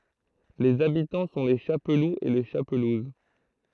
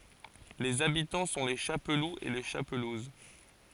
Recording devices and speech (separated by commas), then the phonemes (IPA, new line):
throat microphone, forehead accelerometer, read sentence
lez abitɑ̃ sɔ̃ le ʃapluz e le ʃapluz